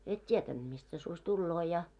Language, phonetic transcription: Finnish, et 'tietänᴅ mist se suś 'tulloo ja .
- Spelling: et tietänyt mistä se susi tulee ja

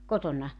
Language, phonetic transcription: Finnish, "kotonna ?
- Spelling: kotona

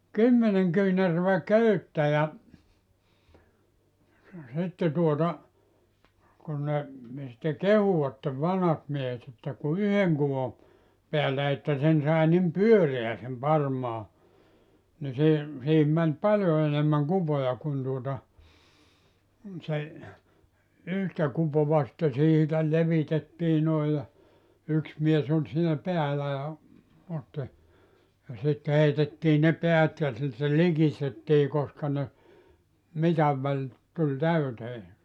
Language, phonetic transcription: Finnish, "kymmeneŋ 'kyynärövä "köyttä ja , sitte tuota , kun ne , sⁱtte "kehuʷattev 'vanhat miehet ‿että ku "yheŋ kuvo , 'peällä että 'sen sàe nim "pyöreä sem 'parmaa , ni 'se , 'siihim män "paljo enemmäŋ 'kupoja kun tuota , 'se , 'yhtä 'kupova sⁱtte 'siitä 'levitettii noij ja , 'yks mies ‿oĺ siinä 'peälä ja , 'otti , ja sit 'heitettii ne 'peät ja sitte "likistettii koska ne , 'mitav väĺ , tuĺ "täytee .
- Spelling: kymmenen kyynärää köyttä ja sitten tuota kun ne sitten kehuivat vanhat miehet että kun yhden kuvon päällä että sen sai niin pyöreän sen parmaan niin se siihen meni paljon enemmän kupoja kun tuota se yhtä kupoa sitten siitä levitettiin noin ja yksi mies oli siinä päällä ja otti ja sitten heitettiin ne päät ja sitten likistettiin koska ne mitan väli tuli täyteen

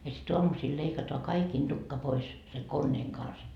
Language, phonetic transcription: Finnish, ja sit 'oamusiil leikatoa "kaikiin 'Dukka pois , seŋ 'konneeŋ kans » .
- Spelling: ja sitten aamusilla leikataan kaikkien tukka pois sen koneen kanssa

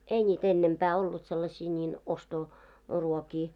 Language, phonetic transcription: Finnish, 'ei ńiit ‿ennempää ollut sellaśii ńiin 'osto- , 'ruokii .
- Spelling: ei niitä ennempää ollut sellaisia niin - ostoruokia

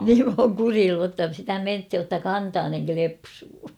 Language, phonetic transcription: Finnish, niim m ‿ooŋ "kurilluu ‿tta sitä "menthij jotta "kantaaneŋ 'klepsuu .
- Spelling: niin minä olen kureillut jotta sitä mentiin jotta kantanen klepsuu

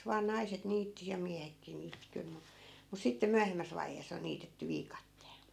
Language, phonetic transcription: Finnish, vaa 'naiset 'niitti ja 'miähekkii niitti kyl mu , mus 'sitte "myähemmäs vaihees ‿on̆ 'niitetty 'viikatteel .
- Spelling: vain naiset niitti ja miehetkin niitti kyllä mutta mutta sitten myöhemmässä vaiheessa on niitetty viikatteella

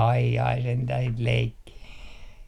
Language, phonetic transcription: Finnish, ai jai sentäh sit 'leikkii .
- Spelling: ai ai sentään sitä leikkiä

